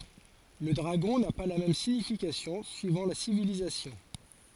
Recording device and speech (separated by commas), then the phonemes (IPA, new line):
forehead accelerometer, read sentence
lə dʁaɡɔ̃ na pa la mɛm siɲifikasjɔ̃ syivɑ̃ la sivilizasjɔ̃